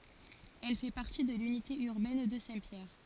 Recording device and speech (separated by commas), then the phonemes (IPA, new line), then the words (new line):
forehead accelerometer, read sentence
ɛl fɛ paʁti də lynite yʁbɛn də sɛ̃tpjɛʁ
Elle fait partie de l'unité urbaine de Saint-Pierre.